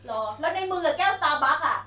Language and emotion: Thai, angry